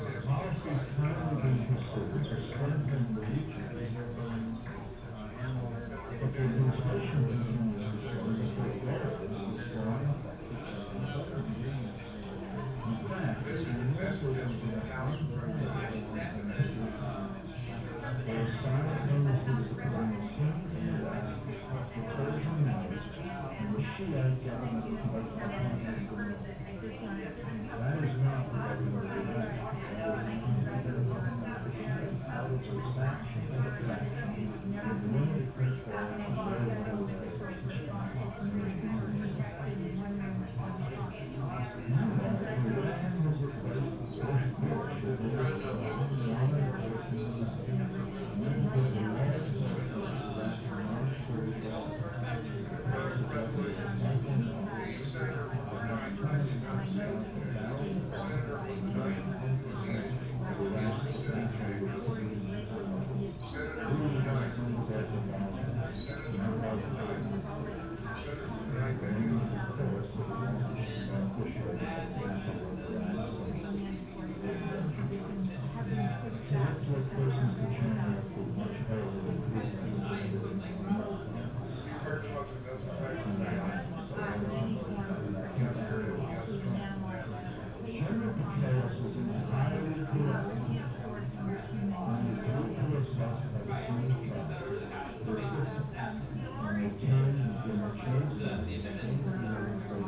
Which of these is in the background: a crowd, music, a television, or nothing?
Crowd babble.